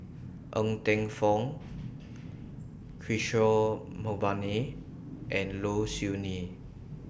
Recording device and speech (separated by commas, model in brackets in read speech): boundary microphone (BM630), read sentence